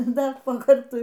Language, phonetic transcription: Lithuanian, ˈdar po ˈkartui

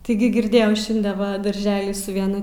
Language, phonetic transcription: Lithuanian, tiˈgi girˈdėjau ˈšinde ˈva darˈželi su vieˈnu

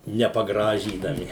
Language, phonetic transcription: Lithuanian, nepaˈgražydami

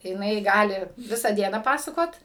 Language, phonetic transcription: Lithuanian, jiˈnai ˈgali ˈvisą ˈdieną ˈpasakot

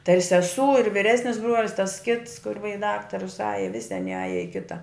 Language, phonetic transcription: Lithuanian, tai ir seˈsū ir viˈresnis ˈbruolis tas kits kur va i ˈdaktarus ˈaja ˈvisi aˈni ˈaja i ˈkita

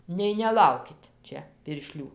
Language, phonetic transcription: Lithuanian, nei neˈlaukit ˈčia pirˈšlių

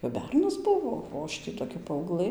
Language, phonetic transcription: Lithuanian, kap ˈbernas ˈbuvo o ˈaš tį toˈkia paauˈglɘ

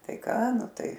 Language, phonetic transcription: Lithuanian, ˈtai ˈką ˈnu ˈtai

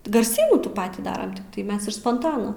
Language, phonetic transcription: Lithuanian, garˈsynų ˈtų ˈpatį ˈdaram tikˈtai ˈmes iš sponˈtono

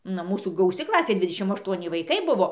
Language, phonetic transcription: Lithuanian, ˈna ˈmūsų gauˈsi ˈklasė ˈdvidešim ašˈtuoni vaiˈkai ˈbuvo

